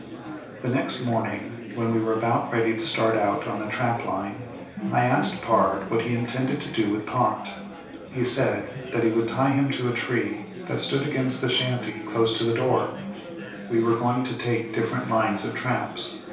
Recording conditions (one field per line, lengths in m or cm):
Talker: one person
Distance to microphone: 3.0 m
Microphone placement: far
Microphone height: 1.8 m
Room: small (3.7 m by 2.7 m)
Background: babble